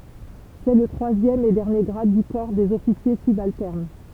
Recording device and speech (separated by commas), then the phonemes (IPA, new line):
temple vibration pickup, read sentence
sɛ lə tʁwazjɛm e dɛʁnje ɡʁad dy kɔʁ dez ɔfisje sybaltɛʁn